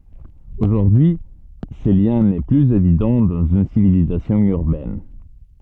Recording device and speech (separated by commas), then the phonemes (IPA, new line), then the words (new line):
soft in-ear microphone, read sentence
oʒuʁdyi y sə ljɛ̃ nɛ plyz evidɑ̃ dɑ̃z yn sivilizasjɔ̃ yʁbɛn
Aujourd'hui ce lien n'est plus évident dans une civilisation urbaine.